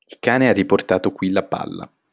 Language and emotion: Italian, neutral